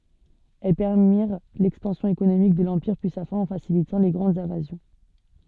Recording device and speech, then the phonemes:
soft in-ear microphone, read sentence
ɛl pɛʁmiʁ lɛkspɑ̃sjɔ̃ ekonomik də lɑ̃piʁ pyi sa fɛ̃ ɑ̃ fasilitɑ̃ le ɡʁɑ̃dz ɛ̃vazjɔ̃

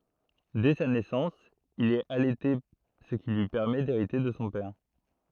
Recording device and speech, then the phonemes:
throat microphone, read sentence
dɛ sa nɛsɑ̃s il ɛt alɛte sə ki lyi pɛʁmɛ deʁite də sɔ̃ pɛʁ

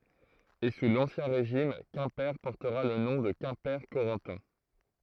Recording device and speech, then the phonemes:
throat microphone, read sentence
e su lɑ̃sjɛ̃ ʁeʒim kɛ̃pe pɔʁtəʁa lə nɔ̃ də kɛ̃pɛʁkoʁɑ̃tɛ̃

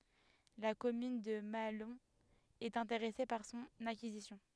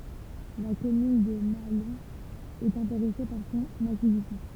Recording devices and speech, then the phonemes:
headset microphone, temple vibration pickup, read sentence
la kɔmyn də maalɔ̃ ɛt ɛ̃teʁɛse paʁ sɔ̃n akizisjɔ̃

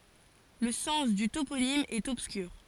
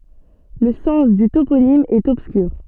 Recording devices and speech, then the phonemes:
forehead accelerometer, soft in-ear microphone, read sentence
lə sɑ̃s dy toponim ɛt ɔbskyʁ

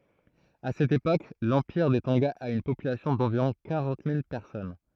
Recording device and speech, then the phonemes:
throat microphone, read sentence
a sɛt epok lɑ̃piʁ de tɔ̃ɡa a yn popylasjɔ̃ dɑ̃viʁɔ̃ kaʁɑ̃t mil pɛʁsɔn

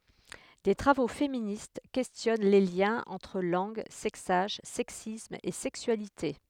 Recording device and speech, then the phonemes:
headset microphone, read sentence
de tʁavo feminist kɛstjɔn le ljɛ̃z ɑ̃tʁ lɑ̃ɡ sɛksaʒ sɛksism e sɛksyalite

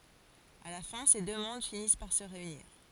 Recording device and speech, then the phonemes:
forehead accelerometer, read sentence
a la fɛ̃ se dø mɔ̃d finis paʁ sə ʁeyniʁ

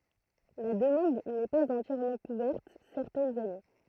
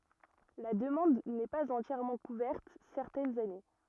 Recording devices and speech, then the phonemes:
throat microphone, rigid in-ear microphone, read sentence
la dəmɑ̃d nɛ paz ɑ̃tjɛʁmɑ̃ kuvɛʁt sɛʁtɛnz ane

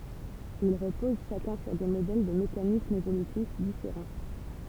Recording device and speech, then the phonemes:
temple vibration pickup, read sentence
il ʁəpoz ʃakœ̃ syʁ de modɛl də mekanismz evolytif difeʁɑ̃

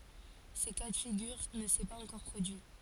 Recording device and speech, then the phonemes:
forehead accelerometer, read sentence
sə ka də fiɡyʁ nə sɛ paz ɑ̃kɔʁ pʁodyi

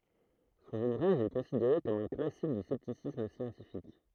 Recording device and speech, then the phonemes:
throat microphone, read sentence
sɔ̃n uvʁaʒ ɛ kɔ̃sideʁe kɔm œ̃ klasik dy sɛptisism sjɑ̃tifik

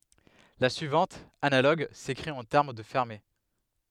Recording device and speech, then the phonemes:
headset microphone, read sentence
la syivɑ̃t analoɡ sekʁit ɑ̃ tɛʁm də fɛʁme

